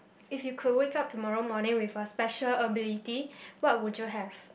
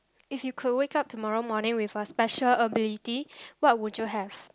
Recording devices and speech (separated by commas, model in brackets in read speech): boundary microphone, close-talking microphone, conversation in the same room